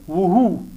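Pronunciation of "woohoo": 'Who' is pronounced incorrectly here: the w is sounded, when it should be silent.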